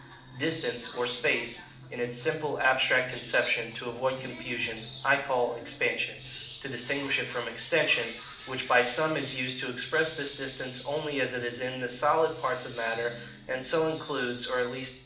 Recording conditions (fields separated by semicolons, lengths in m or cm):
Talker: one person; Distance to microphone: 2.0 m; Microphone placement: close; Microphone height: 99 cm; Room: medium-sized (5.7 m by 4.0 m); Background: television